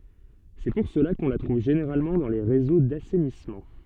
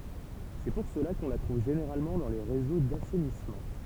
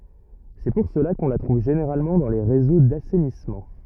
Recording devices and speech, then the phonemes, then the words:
soft in-ear microphone, temple vibration pickup, rigid in-ear microphone, read sentence
sɛ puʁ səla kɔ̃ la tʁuv ʒeneʁalmɑ̃ dɑ̃ le ʁezo dasɛnismɑ̃
C'est pour cela qu'on la trouve généralement dans les réseaux d'assainissement.

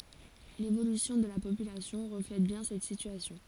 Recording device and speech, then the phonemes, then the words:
forehead accelerometer, read sentence
levolysjɔ̃ də la popylasjɔ̃ ʁəflɛt bjɛ̃ sɛt sityasjɔ̃
L’évolution de la population reflète bien cette situation.

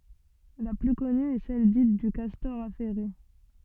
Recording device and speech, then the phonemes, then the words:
soft in-ear microphone, read sentence
la ply kɔny ɛ sɛl dit dy kastɔʁ afɛʁe
La plus connue est celle dite du castor affairé.

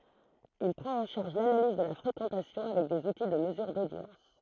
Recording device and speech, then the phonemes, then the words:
throat microphone, read sentence
il pʁɑ̃t ɑ̃ ʃaʁʒ lanaliz də la fʁekɑ̃tasjɔ̃ avɛk dez uti də məzyʁ dodjɑ̃s
Il prend en charge l'analyse de la fréquentation avec des outils de mesure d'audience.

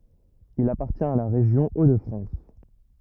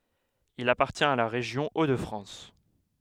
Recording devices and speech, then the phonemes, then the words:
rigid in-ear microphone, headset microphone, read sentence
il apaʁtjɛ̃t a la ʁeʒjɔ̃ o də fʁɑ̃s
Il appartient à la région Hauts-de-France.

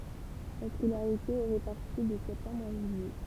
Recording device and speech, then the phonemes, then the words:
temple vibration pickup, read sentence
la skolaʁite ɛ ʁepaʁti də sɛptɑ̃bʁ a ʒyijɛ
La scolarité est répartie de septembre à juillet.

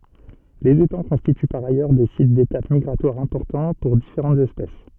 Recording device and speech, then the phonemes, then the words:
soft in-ear microphone, read sentence
lez etɑ̃ kɔ̃stity paʁ ajœʁ de sit detap miɡʁatwaʁ ɛ̃pɔʁtɑ̃ puʁ difeʁɑ̃tz ɛspɛs
Les étangs constituent par ailleurs des sites d'étape migratoire importants pour différentes espèces.

